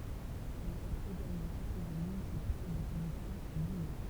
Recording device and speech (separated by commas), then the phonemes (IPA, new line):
temple vibration pickup, read sentence
il ʁɛst eɡalmɑ̃ kɔ̃sɛje mynisipal dɔpozisjɔ̃ a nwajɔ̃